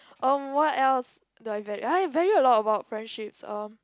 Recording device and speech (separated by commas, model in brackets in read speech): close-talking microphone, conversation in the same room